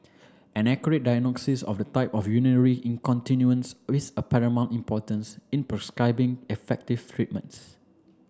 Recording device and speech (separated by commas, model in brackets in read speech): standing microphone (AKG C214), read sentence